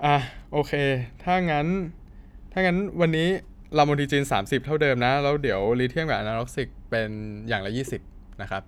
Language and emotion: Thai, neutral